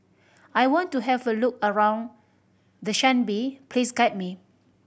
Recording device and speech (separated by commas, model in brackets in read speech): boundary microphone (BM630), read sentence